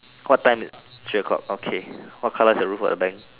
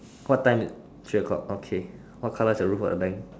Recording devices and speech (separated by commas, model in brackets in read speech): telephone, standing microphone, conversation in separate rooms